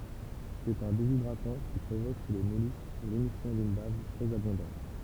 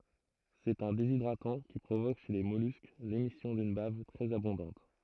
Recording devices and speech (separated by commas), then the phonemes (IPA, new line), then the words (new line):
temple vibration pickup, throat microphone, read sentence
sɛt œ̃ dezidʁatɑ̃ ki pʁovok ʃe le mɔlysk lemisjɔ̃ dyn bav tʁɛz abɔ̃dɑ̃t
C'est un déshydratant qui provoque chez les mollusques l'émission d'une bave très abondante.